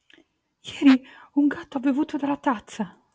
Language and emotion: Italian, fearful